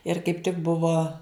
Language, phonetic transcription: Lithuanian, ir kaip tik ˈbuvo

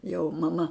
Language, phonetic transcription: Lithuanian, jau maˈma

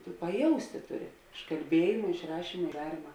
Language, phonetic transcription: Lithuanian, tu paˈjausti ˈtuˌri iš kalˈbiejima iš ˈrašyma i ˈdaryma

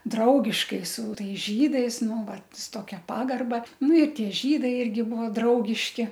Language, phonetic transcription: Lithuanian, ˈdraugiškai su ˈtais ˈžydais ˈnu ˈvat su ˈtokia ˈpagarba ˈnu i ˈtie ˈžydai ˈirgi ˈbuvo ˈdraugiški

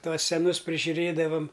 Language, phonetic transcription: Lithuanian, ˈtuos seˈnus prižiuˈrėdavam

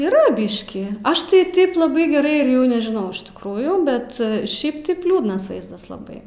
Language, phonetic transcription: Lithuanian, yˈra ˈbyškį ˈaš tai ˈtaip laˈbai geˈrai ir ˈjau nežiˈnau iš tikˈrųjų ˈbet ˈšiaip taip ˈliūdnas ˈvaizdas laˈbai

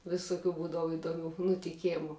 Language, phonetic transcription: Lithuanian, visuˈkių ˈbūdavu idoˈmiu nutiˈkemu

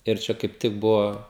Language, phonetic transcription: Lithuanian, ir ˈčia kaip ˈtik ˈbuvo

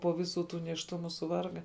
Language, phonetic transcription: Lithuanian, po ˈviˌsų ˈtų nėšˈtumu suˈvarga

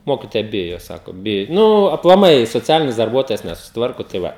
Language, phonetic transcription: Lithuanian, ˈmokitoja ˈbijo ˈsako ˈbijo ˈnu aplaˈmai soˈcialinis darˈbuotojas nesusitˈvarko tai ˈva

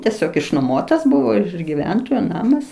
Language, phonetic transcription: Lithuanian, tieˈsiog išnoˈmotas ˈbuvo iš iš giˈventojo ˈnamas

